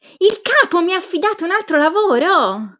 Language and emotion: Italian, happy